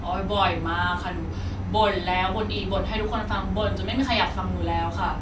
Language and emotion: Thai, frustrated